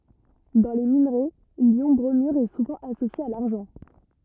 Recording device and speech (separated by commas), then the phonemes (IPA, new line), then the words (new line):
rigid in-ear microphone, read sentence
dɑ̃ le minʁɛ ljɔ̃ bʁomyʁ ɛ suvɑ̃ asosje a laʁʒɑ̃
Dans les minerais, l'ion bromure est souvent associé à l'argent.